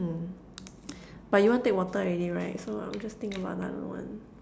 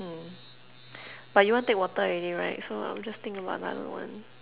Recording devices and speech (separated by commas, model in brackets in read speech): standing microphone, telephone, conversation in separate rooms